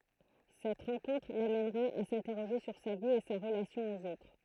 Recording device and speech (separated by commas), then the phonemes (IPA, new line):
throat microphone, read sentence
sɛt ʁɑ̃kɔ̃tʁ lamɛnʁa a sɛ̃tɛʁoʒe syʁ sa vi e sa ʁəlasjɔ̃ oz otʁ